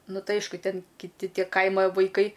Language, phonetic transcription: Lithuanian, ˈnu ˈtai ˈaišku ˈten kiˈti ˈtie ˈkaima vaiˈkai

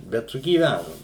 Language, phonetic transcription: Lithuanian, ˈbet sugyˈvænum

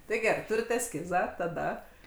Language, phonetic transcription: Lithuanian, ˈtai ˈgerai ˈturit esˈkizą taˈda

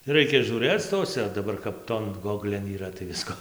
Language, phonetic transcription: Lithuanian, ˈraikia žiūˈrɘc ˈtose daˈbar kap ˈton ˈgoglėn yˈra tai ˈvisko

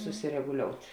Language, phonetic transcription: Lithuanian, susireguˈliout'

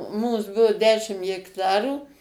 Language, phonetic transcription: Lithuanian, ˈmūs ˈbuvu ˈdešim jekˈtarų

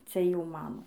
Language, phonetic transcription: Lithuanian, ˈcia ˈjau ˈmano

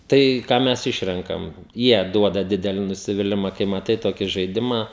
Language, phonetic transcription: Lithuanian, ˈtai ˈką ˈmes ˈišrenkam ˈjie ˈduoda ˈdideli nusiviˈlima kai maˈtai ˈtoki žaiˈdimą

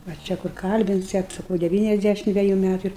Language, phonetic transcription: Lithuanian, va ˈčia kur ˈkalbinsiat saˈkau deˈvyniasˌdæšim ˈdveju ˈmætu ir

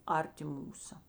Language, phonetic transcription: Lithuanian, ˈarˌti ˈmūsa

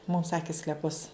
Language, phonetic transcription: Lithuanian, mum ˈsaki skleˈpus

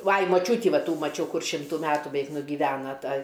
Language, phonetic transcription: Lithuanian, ˈvai maˈčiūtį ˈva ˈtų maˈčiau ˈkur ˈšimtų ˈmetų beˈveik nugiˈvena ˈta

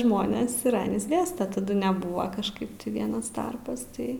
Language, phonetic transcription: Lithuanian, ˈžmonės ir ˈanys ˈgęsta taˈdu neˈbuva kažˈkaip ti ˈvienas ˈtarpas ˈtai

